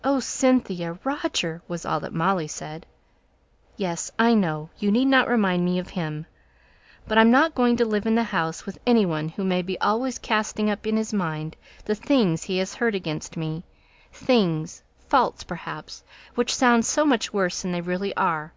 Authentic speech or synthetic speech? authentic